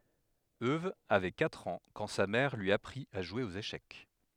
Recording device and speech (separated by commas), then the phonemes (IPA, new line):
headset microphone, read sentence
øw avɛ katʁ ɑ̃ kɑ̃ sa mɛʁ lyi apʁit a ʒwe oz eʃɛk